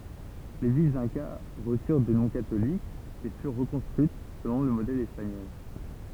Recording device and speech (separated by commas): temple vibration pickup, read sentence